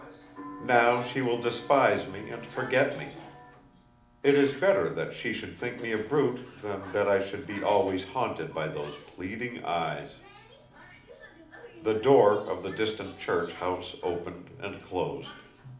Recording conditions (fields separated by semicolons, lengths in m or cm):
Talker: one person; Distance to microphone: 2.0 m; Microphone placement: close; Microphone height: 99 cm; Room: medium-sized (5.7 m by 4.0 m); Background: television